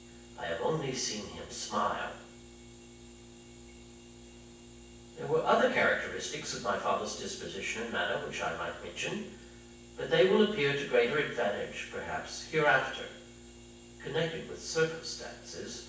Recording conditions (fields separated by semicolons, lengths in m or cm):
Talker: one person; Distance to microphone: 9.8 m; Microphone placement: far; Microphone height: 1.8 m; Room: large; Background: none